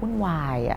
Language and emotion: Thai, frustrated